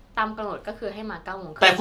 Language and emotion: Thai, neutral